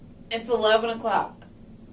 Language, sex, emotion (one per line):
English
female
neutral